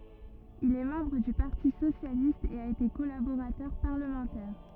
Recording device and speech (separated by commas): rigid in-ear microphone, read sentence